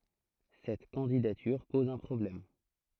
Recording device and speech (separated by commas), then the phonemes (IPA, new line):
throat microphone, read sentence
sɛt kɑ̃didatyʁ pɔz œ̃ pʁɔblɛm